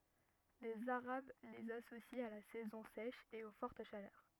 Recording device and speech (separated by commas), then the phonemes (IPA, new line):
rigid in-ear microphone, read sentence
lez aʁab lez asosit a la sɛzɔ̃ sɛʃ e o fɔʁt ʃalœʁ